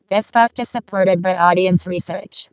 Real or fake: fake